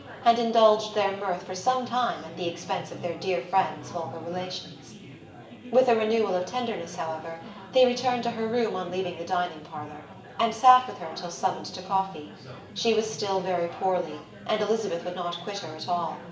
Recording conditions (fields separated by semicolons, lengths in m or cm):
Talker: one person; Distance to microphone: 1.8 m; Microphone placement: close; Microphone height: 1.0 m; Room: large; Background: babble